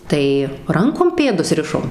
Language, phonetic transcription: Lithuanian, ˈtai ˈrankom ˈpėdus ˈrišom

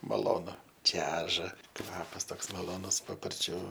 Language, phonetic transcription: Lithuanian, maˈlonu ˈčeža ˈkvapas ˈtoks maloˈnus paparˈčiu

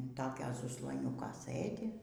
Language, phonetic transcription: Lithuanian, in ˈtokio zuzloˈniūko ˈsɘdi

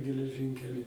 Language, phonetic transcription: Lithuanian, geleˈžinkeli

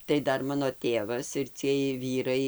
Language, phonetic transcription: Lithuanian, tai ˈdar ˈmano ˈtėvas ir ciej ˈvyrai

